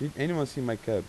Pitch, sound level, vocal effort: 140 Hz, 86 dB SPL, normal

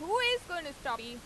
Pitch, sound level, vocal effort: 320 Hz, 96 dB SPL, loud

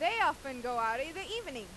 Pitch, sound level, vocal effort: 275 Hz, 99 dB SPL, very loud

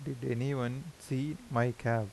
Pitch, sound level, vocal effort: 130 Hz, 82 dB SPL, soft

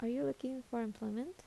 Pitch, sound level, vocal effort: 235 Hz, 76 dB SPL, soft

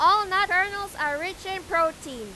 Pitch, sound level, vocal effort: 365 Hz, 103 dB SPL, very loud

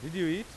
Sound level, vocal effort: 94 dB SPL, loud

